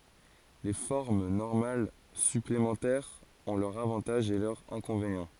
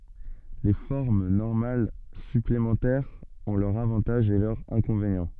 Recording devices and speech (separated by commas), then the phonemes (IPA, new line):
forehead accelerometer, soft in-ear microphone, read sentence
le fɔʁm nɔʁmal syplemɑ̃tɛʁz ɔ̃ lœʁz avɑ̃taʒz e lœʁz ɛ̃kɔ̃venjɑ̃